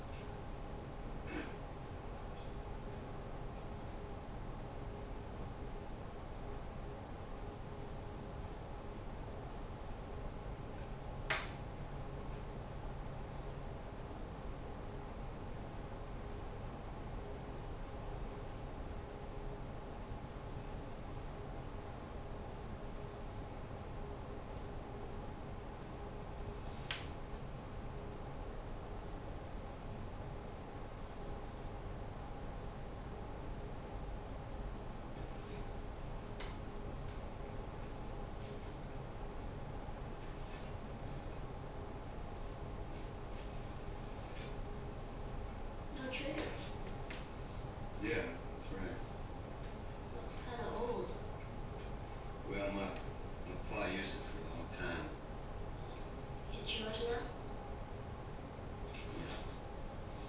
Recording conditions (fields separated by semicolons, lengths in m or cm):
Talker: no one; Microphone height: 1.8 m; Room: small (3.7 m by 2.7 m); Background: television